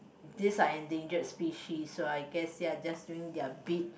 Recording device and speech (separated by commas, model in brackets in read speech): boundary microphone, conversation in the same room